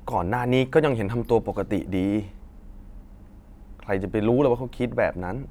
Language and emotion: Thai, frustrated